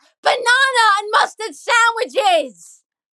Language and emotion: English, angry